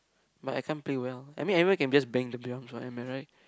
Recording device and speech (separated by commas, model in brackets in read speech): close-talking microphone, conversation in the same room